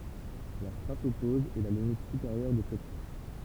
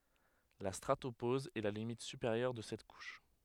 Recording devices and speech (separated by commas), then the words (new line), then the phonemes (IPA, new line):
temple vibration pickup, headset microphone, read sentence
La stratopause est la limite supérieure de cette couche.
la stʁatopoz ɛ la limit sypeʁjœʁ də sɛt kuʃ